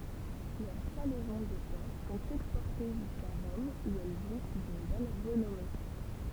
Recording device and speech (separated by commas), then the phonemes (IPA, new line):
temple vibration pickup, read sentence
lœʁ salɛzɔ̃ də pɔʁk sɔ̃t ɛkspɔʁte ʒyska ʁɔm u ɛl ʒwis dyn bɔn ʁənɔme